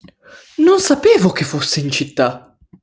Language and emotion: Italian, surprised